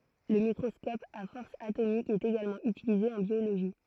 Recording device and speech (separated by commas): throat microphone, read sentence